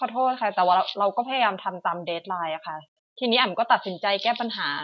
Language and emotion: Thai, frustrated